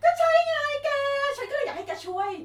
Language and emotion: Thai, happy